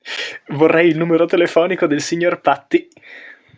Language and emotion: Italian, happy